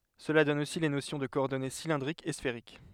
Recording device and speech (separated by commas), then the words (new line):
headset microphone, read sentence
Cela donne aussi les notions de coordonnées cylindriques et sphériques.